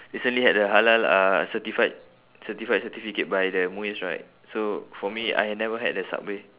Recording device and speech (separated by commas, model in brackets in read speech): telephone, conversation in separate rooms